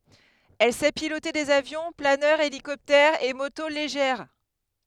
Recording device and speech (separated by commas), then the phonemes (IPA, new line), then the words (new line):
headset microphone, read sentence
ɛl sɛ pilote dez avjɔ̃ planœʁz elikɔptɛʁz e moto leʒɛʁ
Elle sait piloter des avions, planeurs, hélicoptères et motos légères.